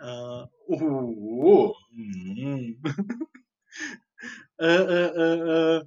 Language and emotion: Thai, happy